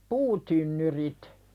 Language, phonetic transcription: Finnish, puutynnyrit .
- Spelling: puutynnyrit

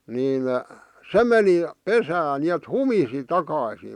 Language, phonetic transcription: Finnish, 'niin , "se meni , "pesään , ni₍et "humisi 'takàⁱsii .
- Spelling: niin se meni pesään niin että humisi takaisin

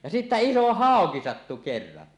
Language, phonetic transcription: Finnish, ja sittä "iso "hàoki sattu 'kerran .
- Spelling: ja sitten iso hauki sattui kerran

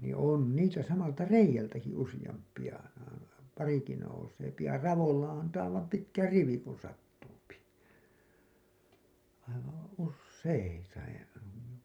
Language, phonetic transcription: Finnish, nii 'òn niisä 'samalta "reij̆jältäki 'usijamp̀iʲa , 'pariki nouseepi ja 'ravolla antaa ollap 'pitkä "rivi kun sattuupi , aivaa̰ , 'usseita ja .
- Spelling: niin on niissä samalta reiältäkin useampia parikin nousee ja raolla antaa olla pitkä rivi kun sattuu aivan useita ja

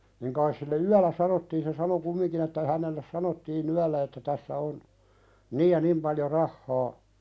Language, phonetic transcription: Finnish, niŋ kais sille "yäl̆lä 'sanottiin se "sano 'kummiŋkin ‿että ihänelles 'sanottii"n ‿yällä että 'tässä on , "niij ja 'nim paljo "rahhaa ,.
- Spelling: niin kai sille yöllä sanottiin se sano kumminkin että hänelle sanottiin yöllä että tässä on niin ja niin paljon rahaa

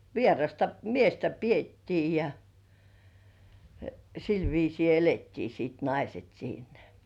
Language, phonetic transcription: Finnish, vierasta "miestä "piettii ja , sil viisii "elettii siit 'naiset siinᴀ̈ .
- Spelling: vierasta miestä pidettiin ja sillä viisiin elettiin sitten naiset siinä

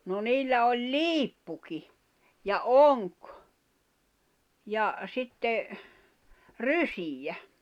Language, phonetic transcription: Finnish, no 'niillä oĺ "liippuki , ja "oŋk , ja , sitte , "rysijä .
- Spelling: no niillä oli liippukin ja onki ja sitten rysiä

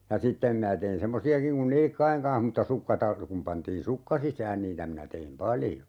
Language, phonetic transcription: Finnish, ja 'sittem minä tein "semmosi₍akiŋ kun "nilⁱkkaiŋ kaa̰h mutta 'sukka tar- , kum 'pantiin "sukka 'sisään 'niitä minä 'teim "paljo .
- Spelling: ja sitten minä tein semmoisiakin kuin nilkkojen kanssa mutta sukka - kun pantiin sukka sisään niitä minä tein paljon

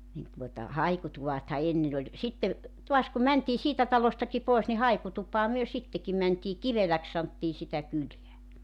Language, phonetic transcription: Finnish, nin tuota , 'haikutuvatha 'ennen ‿oĺ , 'sitte , 'tuas kum 'mäntii 'siitä talostaki 'pòis ni "haikutup̀aa myö 'sitteki mäntii , "Kiveläks santtii sitä 'kyleä .
- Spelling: niin tuota haikutuvathan ennen oli sitten taas kun mentiin siitä talostakin pois niin haikutupaan me sittenkin mentiin Kiveläksi sanottiin sitä kylää

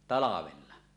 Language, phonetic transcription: Finnish, 'talavella .
- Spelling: talvella

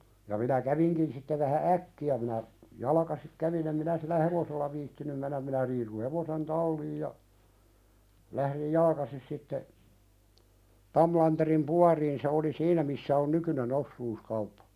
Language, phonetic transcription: Finnish, ja minä 'käviŋkin sitte vähä "’äkki₍ä minä , "jalakasik 'kävin ‿em minä sillä "hevosella viittinym mennäm minä riisu 'hevosen "talliij ja , lähðij "jalkasis sitte , 'Tamlanterim "puariin se oli "siinä missä on nykyne'n ‿ossuuskauppᴀ .
- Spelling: ja minä kävinkin sitten vähän äkkiä minä jalkaisin kävin en minä sillä hevosella viitsinyt mennä minä riisuin hevosen talliin ja lähdin jalkaisin sitten Tamlanderin baariin se oli siinä missä on nykyinen osuuskauppa

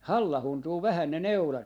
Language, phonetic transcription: Finnish, "hallahuntuu 'vähän ne "neulat .
- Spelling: hallauntuu vähän ne neulat

